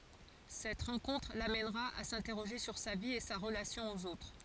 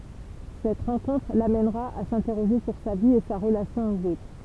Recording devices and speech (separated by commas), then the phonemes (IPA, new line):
forehead accelerometer, temple vibration pickup, read sentence
sɛt ʁɑ̃kɔ̃tʁ lamɛnʁa a sɛ̃tɛʁoʒe syʁ sa vi e sa ʁəlasjɔ̃ oz otʁ